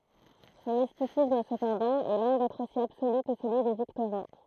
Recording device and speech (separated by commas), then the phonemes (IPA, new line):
throat microphone, read sentence
sɔ̃ mistisism səpɑ̃dɑ̃ ɛ lwɛ̃ dɛtʁ osi absoly kə səlyi de viktoʁɛ̃